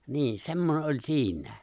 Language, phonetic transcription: Finnish, 'nii , 'se̬mmone ’oĺ 'si̬in̆nᴀ̈ᴀ̈ .
- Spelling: niin semmoinen oli siinä

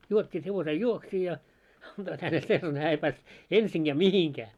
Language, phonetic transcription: Finnish, 'juot́t́iit hevosej "juoksii ja , 'anᴅoit hänel 'sellane 'hää ei pääst , 'ensiŋɢää "mihiŋkää .
- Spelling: juottivat hevosen juovuksiin ja antoivat hänelle sellainen hän ei päässyt ensinkään mihinkään

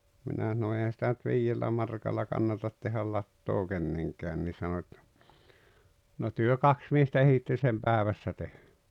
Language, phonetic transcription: Finnish, 'minä sano » 'eihän̬ sⁱtä nyt 'viijellä markalla 'kannatat tehäl 'lattoo "kenneŋkään « ni sano ettᴀ̈ , » no 'työ "kaks miestä 'ehitte sem "päävässä tehᴀ̈ « .
- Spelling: minä sanoin eihän sitä nyt viidellä markalla kannata tehdä latoa kenenkään niin sanoi että no te kaksi miestä ehditte sen päivässä tehdä

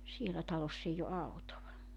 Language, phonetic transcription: Finnish, 'sielä 'taloss ‿eij ‿o 'autova .
- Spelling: siellä talossa ei ole autoa

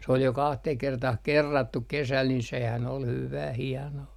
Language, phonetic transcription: Finnish, s ‿ol jo 'kahteh 'kertah "kerrattuk kesäl nin sehän ol 'hyvää hianoo .
- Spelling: se oli jo kahteen kertaan kerrattu kesällä niin sehän oli hyvää hienoa

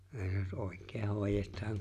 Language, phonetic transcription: Finnish, (see) jos '’òi̬k̆kee 'hòejet̀aaŋ .
- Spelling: se jos oikein hoidetaan

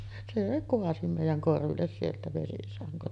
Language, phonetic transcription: Finnish, se 'koasi mèijäŋ 'korvilles sieltä vesisaŋkon .
- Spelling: se kaatoi meidän korville sieltä vesisangon

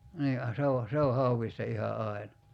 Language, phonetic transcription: Finnish, 'nii a 'se o , 'se o 'hauwista iha 'ai̬na .
- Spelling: niin ja se on se on hauesta ihan aina

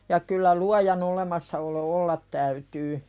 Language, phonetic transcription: Finnish, ja kyllä 'luajan ‿olemassaolo "ollat täytyy .
- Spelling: ja kyllä luojan olemassaolo olla täytyy

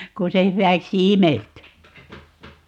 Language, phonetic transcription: Finnish, kun se 'hywäksi "imelty .
- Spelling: kun se hyväksi imeltyi

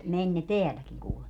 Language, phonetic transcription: Finnish, 'meń ne "teäläkiŋ 'kuulema .
- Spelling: meni ne täälläkin kuulemma

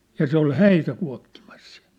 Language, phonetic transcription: Finnish, ja 'se ‿ol "häitä 'kua̭kkimas sɪᴀ̭̈(ʟ) .
- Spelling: ja se oli häitä kuokkimassa siellä

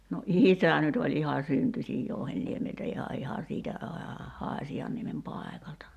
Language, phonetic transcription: Finnish, no "’ìsä nyt oĺ 'iha "syntyśij 'Jouhenniemeltä iha 'iha siitä , aa- , 'Haaśi₍anniemem 'pàekalta .
- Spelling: no isä nyt oli ihan syntyisin Jouhenniemeltä ihan ihan siitä - Haasianniemen paikalta

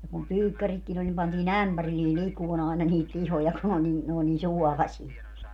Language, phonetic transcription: Finnish, ja kum 'pyykkäritkin ‿oĺ nim 'pantii"n ‿ämpärillii 'likuon ‿àena niit 'lihoja ku n ‿o nii , n ‿oo nii "suɔlasie .
- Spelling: ja kun pyykkäritkin oli niin pantiin ämpärillinen likoamaan aina niitä lihoja kun ne oli niin ne oli niin suolasia

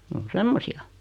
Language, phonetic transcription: Finnish, 'n ‿on "semmosi₍a .
- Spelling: ne on semmoisia

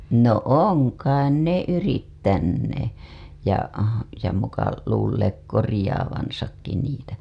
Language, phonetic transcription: Finnish, no "oŋ kain "ne "yrittännee , ja , ja muka luulleek korĭjaavansakki niitä .
- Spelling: no on kai ne yrittäneet ja ja muka luulleet korjaavansakin niitä

